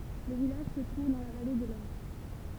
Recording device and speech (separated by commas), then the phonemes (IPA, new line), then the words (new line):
temple vibration pickup, read sentence
lə vilaʒ sə tʁuv dɑ̃ la vale də lɔʁ
Le village se trouve dans la vallée de l'Aure.